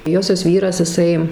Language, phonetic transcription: Lithuanian, ˈjosios ˈvyras iˈsai

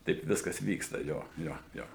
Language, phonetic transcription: Lithuanian, ˈtaip ˈviskas ˈvyksta ˈjo ˈjo jo

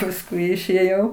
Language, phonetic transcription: Lithuanian, pasˈkui išėˈjau

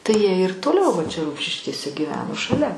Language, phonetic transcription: Lithuanian, tai jie ir toˈliau va čia ˈrumšiškėse gyˈveno šaˈlia

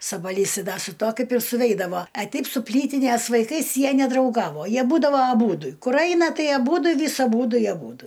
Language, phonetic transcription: Lithuanian, sabaˈlys ˈda su ˈtuo ˈkaip ir suˈveidavo a ˈteip su ˈplytinės vaiˈkais ˈjie nedrauˈgavo ˈjie ˈbūdavo aˈbūdu ˈkur ˈaina ˈtai aˈbūdu ˈvis aˈbūdu i aˈbūdu

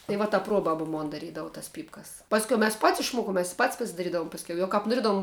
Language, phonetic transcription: Lithuanian, tai ˈva ta ˈpruobaba ˈmon daˈrydavu tas ˈpypkas ˈpaskiau mes pat's' išˈmuokum mes i pat's' pasidaˈrydavum pasˈkiau jau kap noˈriedavum

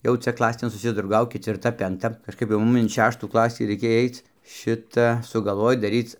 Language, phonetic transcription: Lithuanian, ˈjau ˈcia ˈklasėn susiˈdraugaukit ir ˈta penˈkta kažˈkaip jau ˈmum in ˈšeštų ˈklasį ˈra ikėj ˈaic ˈšita sugalˈvoj daˈryc

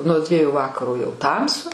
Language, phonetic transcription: Lithuanian, nuo ˈdvieju ˈvakaro jau ˈtamsu

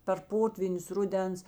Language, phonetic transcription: Lithuanian, per ˈpotvynius ˈruˌdens

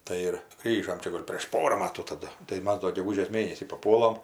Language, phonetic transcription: Lithuanian, ˈtai ir ˈgrįžom ˈčia ˈgol' prėš ˈpora ˈmatų taˈdu tai ˈmas do geˈgužės ˈmėnesį paˈpuolam

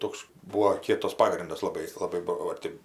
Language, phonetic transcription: Lithuanian, ˈtoks ˈbūo ˈkietas ˈpagrindas laˈbai laˈbai ˈbuvo ˈtėp

